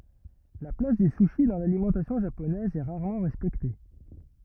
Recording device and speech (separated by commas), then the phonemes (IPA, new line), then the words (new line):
rigid in-ear microphone, read sentence
la plas dy suʃi dɑ̃ lalimɑ̃tasjɔ̃ ʒaponɛz ɛ ʁaʁmɑ̃ ʁɛspɛkte
La place du sushi dans l'alimentation japonaise est rarement respectée.